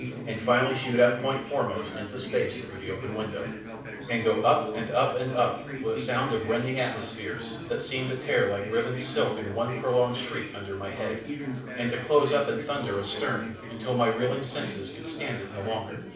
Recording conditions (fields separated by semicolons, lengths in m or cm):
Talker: one person; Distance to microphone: 5.8 m; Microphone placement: far; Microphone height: 1.8 m; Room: medium-sized (5.7 m by 4.0 m); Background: babble